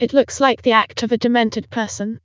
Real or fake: fake